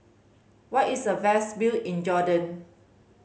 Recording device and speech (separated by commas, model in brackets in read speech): mobile phone (Samsung C5010), read sentence